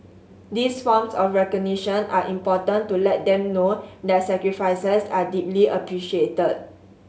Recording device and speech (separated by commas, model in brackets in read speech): mobile phone (Samsung S8), read sentence